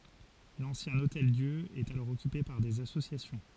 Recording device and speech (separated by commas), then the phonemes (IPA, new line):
forehead accelerometer, read sentence
lɑ̃sjɛ̃ otɛldjø ɛt alɔʁ ɔkype paʁ dez asosjasjɔ̃